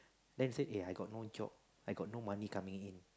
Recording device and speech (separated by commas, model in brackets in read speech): close-talking microphone, conversation in the same room